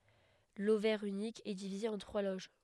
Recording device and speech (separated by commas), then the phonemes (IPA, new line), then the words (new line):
headset microphone, read sentence
lovɛʁ ynik ɛ divize ɑ̃ tʁwa loʒ
L'ovaire unique est divisé en trois loges.